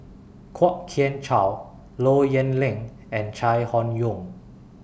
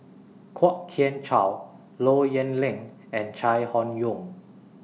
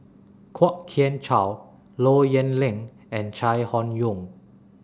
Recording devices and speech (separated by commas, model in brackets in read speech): boundary microphone (BM630), mobile phone (iPhone 6), standing microphone (AKG C214), read sentence